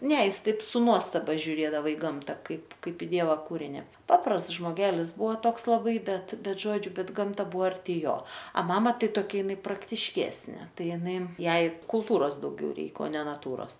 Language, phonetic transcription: Lithuanian, ne ˈjisˈtaip su ˈnuostaba žiuˈrėdava i ˈgamta ˈkaip ˈkaip i ˈdieva ˈkūrini ˈpaprasts žmoˈgelis ˈbuvo ˈtoks laˈbai ˈbet ˈbet ˈžodžiu ˈbet ˈgamta ˈbuvo arˈti ˈjo a ˈmama ˈtai toˈkia iˈnai praktišˈkesnė ˈtai iˈnai ˈjai kulˈtūros dauˈgiau ˈreik o ˈne naˈtūros

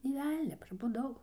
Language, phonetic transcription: Lithuanian, nė ˈvelnia prabuˈdau

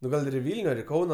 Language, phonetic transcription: Lithuanian, nu ˈgal ir i ˈvilniu ar i ˈkauno

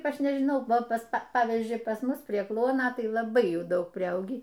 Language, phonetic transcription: Lithuanian, ˈaš nežiˈnau ˈva ˈpas ˈpavyzdžiui pas ˈmus prie ˈkluono ˈtai laˈbai ˈjų ˈdaug priˈaugį

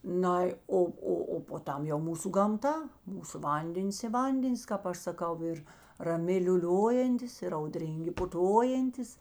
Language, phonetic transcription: Lithuanian, ˈnai ˈo ˈo o po ˈtam jau ˈmūsu gamˈta ˈmūsu ˈvandenis i ˈvandenis kāp ˈaš saˈkau ir raˈmi liūˈliojantis ir auˈdryngi puˈtojantis

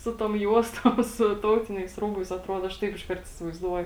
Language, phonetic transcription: Lithuanian, ˈsu tom ˈjuostom su ˈtautiniais ˈrūbais atˈruod ˈaš ˈtaip išˈkart isivaizˈduoju

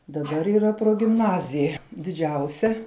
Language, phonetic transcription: Lithuanian, daˈbar yˈra progimˈnazija diˈdžiausia

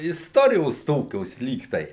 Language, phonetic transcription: Lithuanian, isˈtorijos ˈtokios ˈlyg tai

